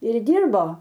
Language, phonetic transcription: Lithuanian, ir ˈdyrbo

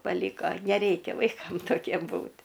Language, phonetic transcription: Lithuanian, paˈlyko neˈreikia vaiˈkam toˈkiem ˈbūt'

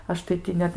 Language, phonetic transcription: Lithuanian, ˈaš tai ˈti net

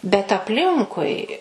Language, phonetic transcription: Lithuanian, bet apˈlinkui

